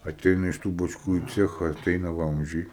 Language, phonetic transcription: Lithuanian, aˈteina iš ˈtų bačˈkų į ˈciecha aˈteina ˈvamzdžiai

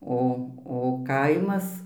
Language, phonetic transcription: Lithuanian, ˈo o ˈkaimas

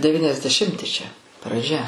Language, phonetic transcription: Lithuanian, deviniasdeˈšimti čia praˈdžia

